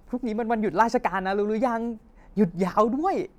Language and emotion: Thai, happy